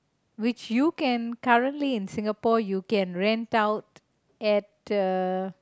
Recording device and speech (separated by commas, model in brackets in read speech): close-talking microphone, conversation in the same room